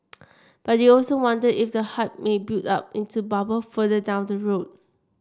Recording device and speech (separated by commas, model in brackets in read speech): standing microphone (AKG C214), read sentence